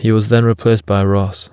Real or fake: real